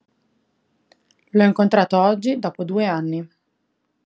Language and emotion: Italian, neutral